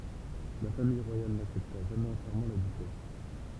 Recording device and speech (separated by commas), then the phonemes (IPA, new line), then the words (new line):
temple vibration pickup, read sentence
la famij ʁwajal naksɛpta ʒamɛz ɑ̃tjɛʁmɑ̃ la dyʃɛs
La famille royale n'accepta jamais entièrement la duchesse.